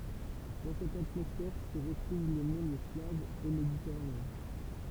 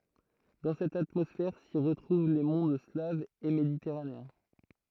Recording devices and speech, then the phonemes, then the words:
temple vibration pickup, throat microphone, read sentence
dɑ̃ sɛt atmɔsfɛʁ si ʁətʁuv le mɔ̃d slavz e meditɛʁaneɛ̃
Dans cette atmosphère, s'y retrouvent les mondes slaves et méditerranéens.

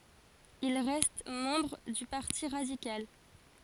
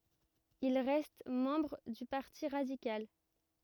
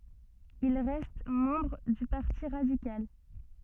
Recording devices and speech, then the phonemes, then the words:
forehead accelerometer, rigid in-ear microphone, soft in-ear microphone, read sentence
il ʁɛst mɑ̃bʁ dy paʁti ʁadikal
Il reste membre du Parti radical.

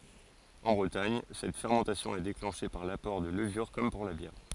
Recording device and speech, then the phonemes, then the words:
forehead accelerometer, read sentence
ɑ̃ bʁətaɲ sɛt fɛʁmɑ̃tasjɔ̃ ɛ deklɑ̃ʃe paʁ lapɔʁ də ləvyʁ kɔm puʁ la bjɛʁ
En Bretagne, cette fermentation est déclenchée par l'apport de levures comme pour la bière.

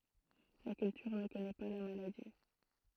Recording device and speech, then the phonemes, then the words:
throat microphone, read sentence
la kyltyʁ nə kɔnɛ pa la maladi
La Culture ne connaît pas la maladie.

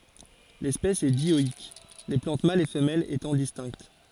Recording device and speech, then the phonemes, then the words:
forehead accelerometer, read sentence
lɛspɛs ɛ djɔik le plɑ̃t malz e fəmɛlz etɑ̃ distɛ̃kt
L'espèce est dioïque, les plantes mâles et femelles étant distinctes.

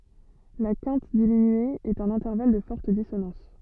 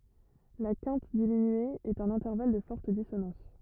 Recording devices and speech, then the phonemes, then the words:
soft in-ear microphone, rigid in-ear microphone, read sentence
la kɛ̃t diminye ɛt œ̃n ɛ̃tɛʁval də fɔʁt disonɑ̃s
La quinte diminuée est un intervalle de forte dissonance.

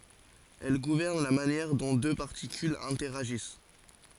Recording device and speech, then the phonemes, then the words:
forehead accelerometer, read sentence
ɛl ɡuvɛʁn la manjɛʁ dɔ̃ dø paʁtikylz ɛ̃tɛʁaʒis
Elle gouverne la manière dont deux particules interagissent.

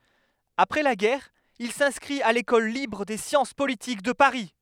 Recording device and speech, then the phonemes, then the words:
headset microphone, read sentence
apʁɛ la ɡɛʁ il sɛ̃skʁit a lekɔl libʁ de sjɑ̃s politik də paʁi
Après la guerre, il s’inscrit à l’École libre des sciences politiques de Paris.

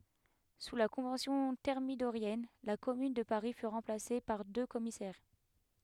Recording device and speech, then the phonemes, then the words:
headset microphone, read sentence
su la kɔ̃vɑ̃sjɔ̃ tɛʁmidoʁjɛn la kɔmyn də paʁi fy ʁɑ̃plase paʁ dø kɔmisɛʁ
Sous la Convention thermidorienne, la Commune de Paris fut remplacée par deux commissaires.

